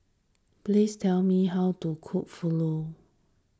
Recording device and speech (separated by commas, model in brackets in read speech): standing microphone (AKG C214), read sentence